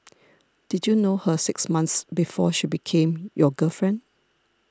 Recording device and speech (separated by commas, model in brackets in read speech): standing microphone (AKG C214), read sentence